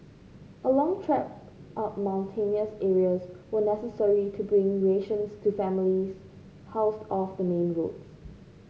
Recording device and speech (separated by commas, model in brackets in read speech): mobile phone (Samsung C5), read sentence